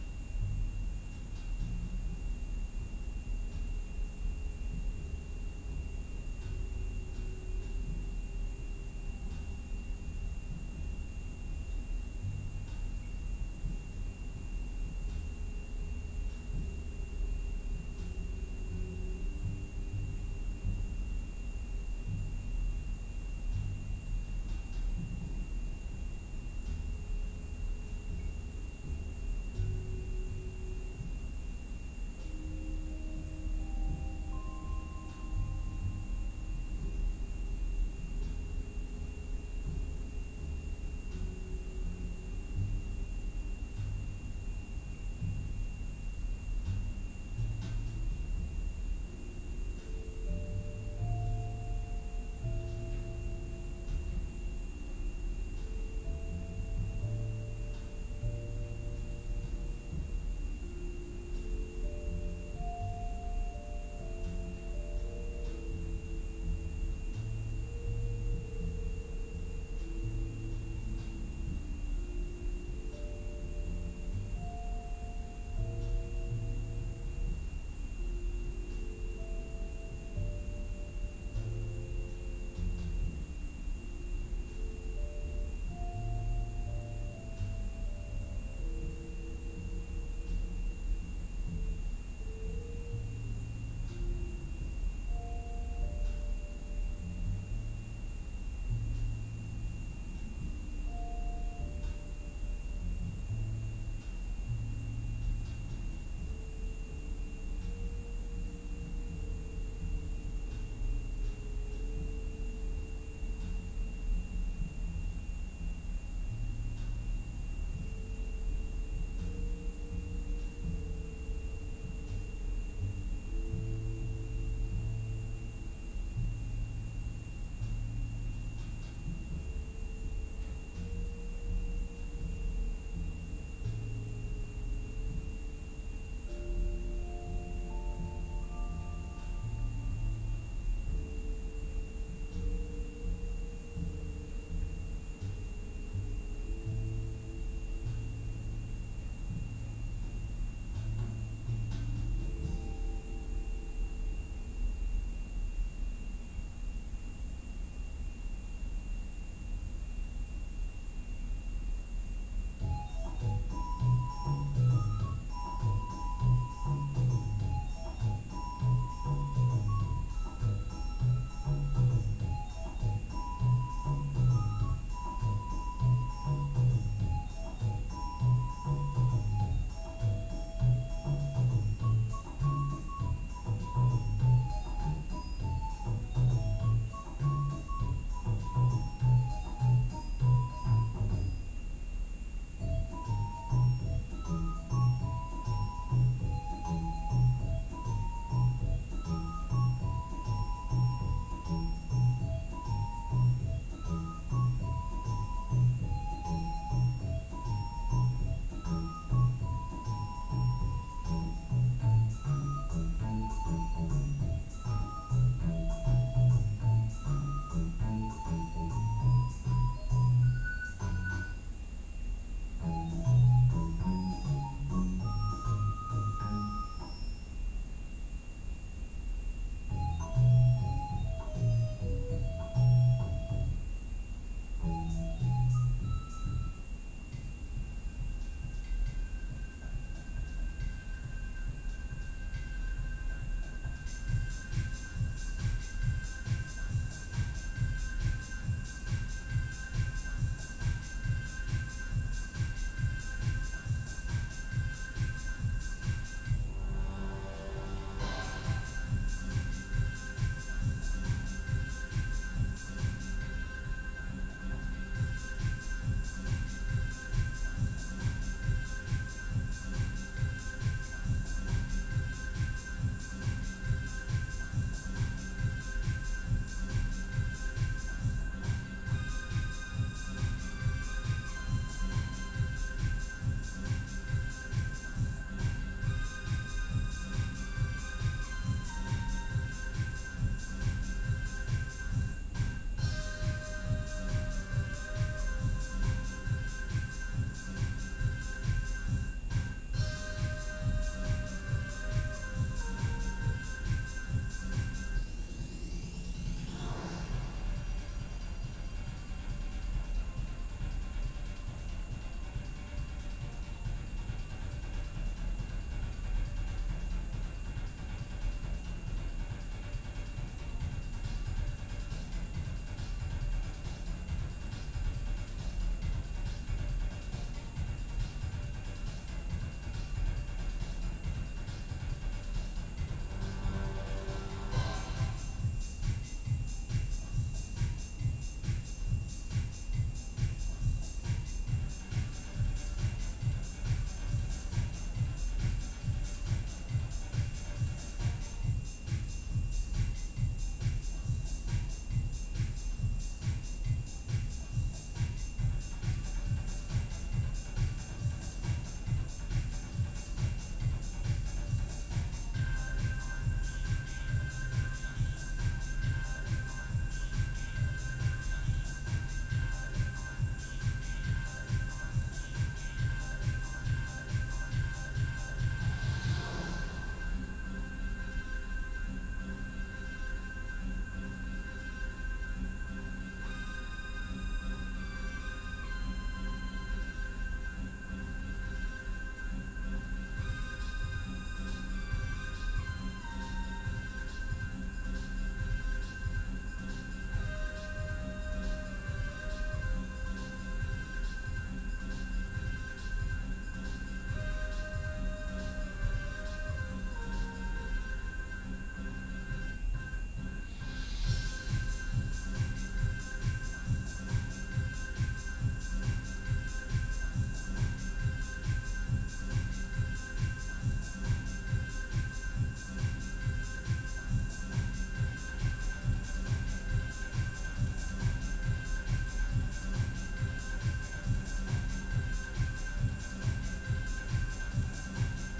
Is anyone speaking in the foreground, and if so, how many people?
No one.